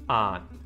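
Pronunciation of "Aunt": The t at the end of the word, after the n, is muted.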